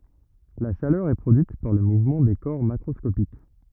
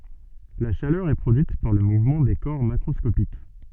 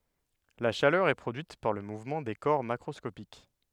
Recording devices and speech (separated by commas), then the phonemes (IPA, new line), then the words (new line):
rigid in-ear microphone, soft in-ear microphone, headset microphone, read sentence
la ʃalœʁ ɛ pʁodyit paʁ lə muvmɑ̃ de kɔʁ makʁɔskopik
La chaleur est produite par le mouvement des corps macroscopiques.